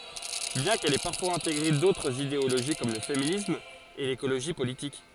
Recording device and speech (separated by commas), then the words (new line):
forehead accelerometer, read sentence
Bien qu'elle ait parfois intégré d'autres idéologie comme le féminisme et l'écologie politique.